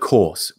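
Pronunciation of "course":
In 'course', the R is not pronounced.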